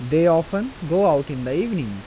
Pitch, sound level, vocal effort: 165 Hz, 88 dB SPL, normal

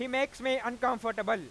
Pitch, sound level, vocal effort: 250 Hz, 103 dB SPL, very loud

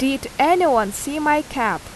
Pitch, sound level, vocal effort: 270 Hz, 87 dB SPL, loud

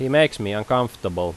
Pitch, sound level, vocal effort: 115 Hz, 88 dB SPL, loud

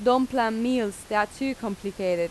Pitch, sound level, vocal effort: 215 Hz, 88 dB SPL, normal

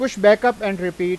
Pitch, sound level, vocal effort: 205 Hz, 96 dB SPL, loud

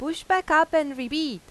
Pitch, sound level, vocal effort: 310 Hz, 94 dB SPL, loud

